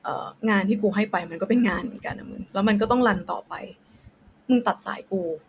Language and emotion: Thai, frustrated